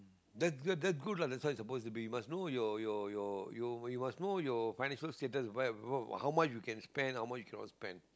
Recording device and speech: close-talking microphone, conversation in the same room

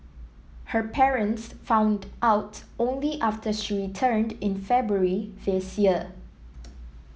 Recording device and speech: mobile phone (iPhone 7), read sentence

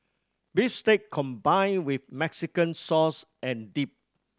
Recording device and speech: standing microphone (AKG C214), read sentence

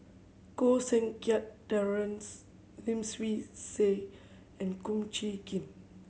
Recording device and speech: mobile phone (Samsung C7100), read sentence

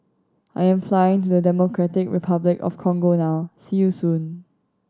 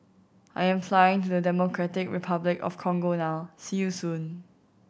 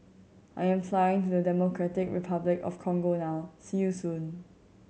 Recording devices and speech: standing microphone (AKG C214), boundary microphone (BM630), mobile phone (Samsung C7100), read sentence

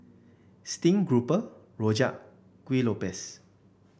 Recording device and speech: boundary microphone (BM630), read sentence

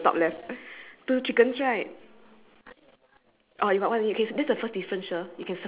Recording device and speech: telephone, conversation in separate rooms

